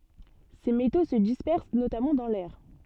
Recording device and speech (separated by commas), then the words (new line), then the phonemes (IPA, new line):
soft in-ear microphone, read sentence
Ces métaux se dispersent notamment dans l'air.
se meto sə dispɛʁs notamɑ̃ dɑ̃ lɛʁ